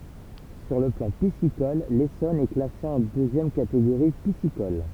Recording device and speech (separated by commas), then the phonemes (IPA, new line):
temple vibration pickup, read sentence
syʁ lə plɑ̃ pisikɔl lesɔn ɛ klase ɑ̃ døzjɛm kateɡoʁi pisikɔl